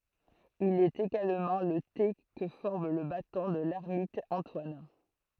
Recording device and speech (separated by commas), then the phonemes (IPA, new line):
throat microphone, read sentence
il ɛt eɡalmɑ̃ lə te kə fɔʁm lə batɔ̃ də lɛʁmit ɑ̃twan